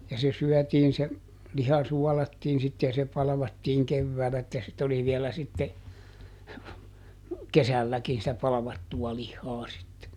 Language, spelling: Finnish, ja se syötiin se liha suolattiin sitten ja se palvattiin keväällä että sitten oli vielä sitten kesälläkin sitä palvattua lihaa sitten
- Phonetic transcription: ja se ˈsyɔ̈̀tiin se , "liha ˈsuɔlattiin sit ja se ˈpalᵃvattiiŋ ˈkevväälä että sit ‿oli ˈvielä sitte , "kesälläkin sitä ˈpalᵃvattu₍a ˈlihhaa sitte .

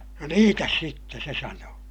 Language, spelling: Finnish, no niitä sitten se sanoi
- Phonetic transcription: » no niitäs sitte » se sanoo .

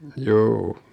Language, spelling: Finnish, juu
- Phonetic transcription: 'juu .

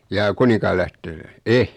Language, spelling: Finnish, jaa Kuninkaanlähte- en
- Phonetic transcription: 'jaa "Kunikaalähte- , "e .

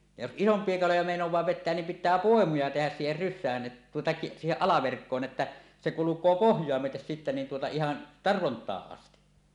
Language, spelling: Finnish, ja jos isompia kaloja meinaa vetää niin pitää poimuja tehdä siihen rysään että tuota - siihen alaverkkoon että se kulkee pohjaa myöten sitten niin tuota ihan tarvontaan asti
- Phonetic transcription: ja jos "ˀisomp̀ie 'kaloja mèinoẁaa 'vet̆teän nim pit̆tää "pòemuja tehäs siiher "ryssään ˀet- , tuota ki- , "siiheˀ 'ˀalaverkkoon että , se "kuluk̆koo "pohj̀oa 'myötes sitte niin tuota 'ihan , "tarvont̀aaˀ ˀasti .

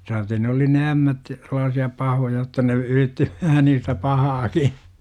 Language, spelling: Finnish, saatei ne oli ne ämmät sellaisia pahoja jotta ne yritti vähän niistä pahaakin
- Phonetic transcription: saate ne oli ne "ämmät , sellaasi₍a 'pahoja jotta ne , "yritti , vähä niistä "pahaaki .

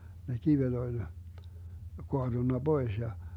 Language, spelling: Finnish, ne kivet oli kaatunut pois ja
- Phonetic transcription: ne 'kivet oĺ , 'koaDunna "Bois ja ,.

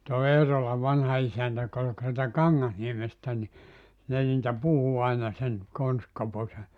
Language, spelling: Finnish, tuo Eerolan vanha isäntä joka oli - sieltä Kangasniemestä niin ne niitä puhui aina sen Konsti-Koposen
- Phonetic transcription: too 'Eerola 'vanha 'isäntä jᵒk ‿ol ‿k- sieltä "Kaŋŋasniemestä ni , 'ne niitä 'puhu aina sen , 'Konstkopose ,.

